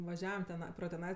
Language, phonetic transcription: Lithuanian, vaˈžiavam teˈnai pro teˈnai

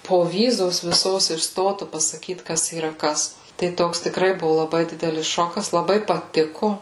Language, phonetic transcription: Lithuanian, poˈvyzos viˈsos iš ˈstotu pasaˈkyt ˈkas yˈra ˈkas tai ˈtoks tikˈrai ˈbuvu laˈbai ˈdidelis ˈšokas laˈbai paˈtiku

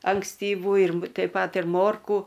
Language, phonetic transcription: Lithuanian, ankstyˈvų ir m teip ˈpat ir ˈmorkų

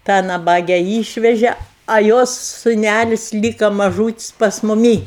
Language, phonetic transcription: Lithuanian, tą naˈbage ˈyšveže a ˈjos suˈnælis' ˈlyka maˈžūtis' pas muˈmį

